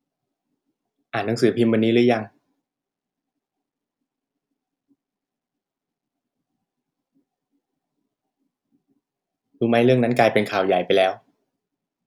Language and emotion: Thai, frustrated